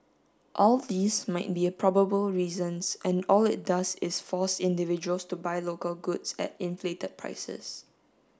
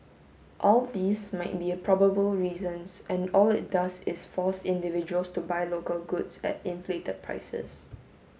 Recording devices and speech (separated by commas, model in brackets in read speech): standing microphone (AKG C214), mobile phone (Samsung S8), read sentence